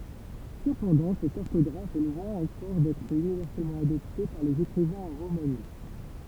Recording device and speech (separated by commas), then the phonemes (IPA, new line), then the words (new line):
temple vibration pickup, read sentence
səpɑ̃dɑ̃ sɛt ɔʁtɔɡʁaf ɛ lwɛ̃ ɑ̃kɔʁ dɛtʁ ynivɛʁsɛlmɑ̃ adɔpte paʁ lez ekʁivɛ̃z ɑ̃ ʁomani
Cependant cette orthographe est loin encore d’être universellement adoptée par les écrivains en romani.